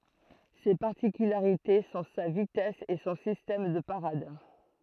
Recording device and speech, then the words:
throat microphone, read sentence
Ses particularités sont sa vitesse et son système de parade.

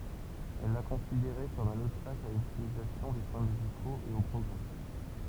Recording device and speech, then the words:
temple vibration pickup, read sentence
Elle la considérait comme un obstacle à l’optimisation des soins médicaux et au progrès.

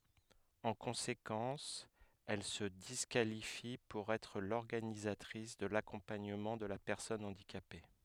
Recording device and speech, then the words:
headset microphone, read sentence
En conséquence, elle se disqualifie pour être l'organisatrice de l'accompagnement de la personne handicapée.

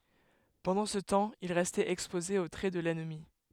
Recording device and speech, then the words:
headset microphone, read sentence
Pendant ce temps, il restait exposé aux traits de l'ennemi.

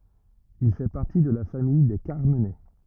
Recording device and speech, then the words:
rigid in-ear microphone, read sentence
Il fait partie de la famille des Carmenets.

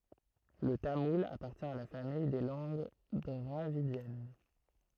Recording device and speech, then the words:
throat microphone, read sentence
Le tamoul appartient à la famille des langues dravidiennes.

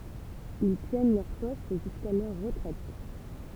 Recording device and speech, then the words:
temple vibration pickup, read sentence
Ils tiennent leur poste jusqu'à leur retraite.

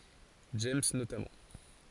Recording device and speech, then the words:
forehead accelerometer, read sentence
James notamment.

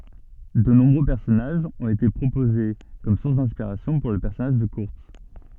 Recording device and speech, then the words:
soft in-ear microphone, read sentence
De nombreux personnages ont été proposés comme sources d'inspiration pour le personnage de Kurtz.

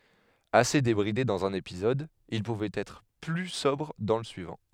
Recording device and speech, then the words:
headset microphone, read sentence
Assez débridé dans un épisode, il pouvait être plus sobre dans le suivant.

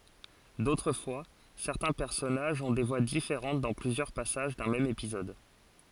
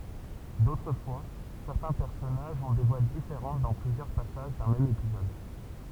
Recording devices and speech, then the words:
forehead accelerometer, temple vibration pickup, read sentence
D'autres fois, certains personnages ont des voix différentes dans plusieurs passages d'un même épisode.

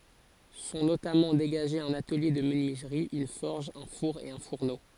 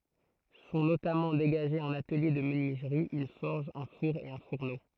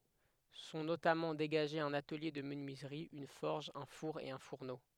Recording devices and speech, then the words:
forehead accelerometer, throat microphone, headset microphone, read sentence
Sont notamment dégagés un atelier de menuiserie, une forge, un four et un fourneau.

